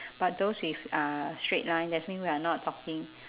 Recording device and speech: telephone, conversation in separate rooms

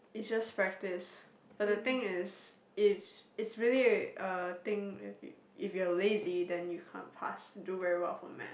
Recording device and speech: boundary microphone, conversation in the same room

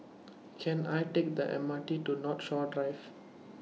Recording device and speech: mobile phone (iPhone 6), read sentence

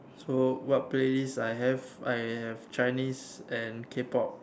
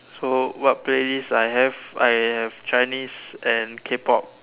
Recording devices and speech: standing microphone, telephone, conversation in separate rooms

